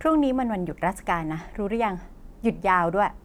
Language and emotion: Thai, neutral